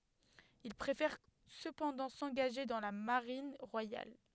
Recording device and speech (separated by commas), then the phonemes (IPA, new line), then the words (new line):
headset microphone, read sentence
il pʁefɛʁ səpɑ̃dɑ̃ sɑ̃ɡaʒe dɑ̃ la maʁin ʁwajal
Il préfère cependant s'engager dans la Marine royale.